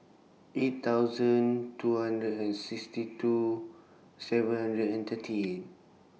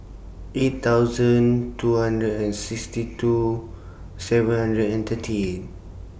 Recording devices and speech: mobile phone (iPhone 6), boundary microphone (BM630), read sentence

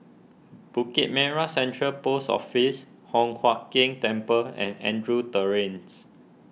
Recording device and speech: mobile phone (iPhone 6), read sentence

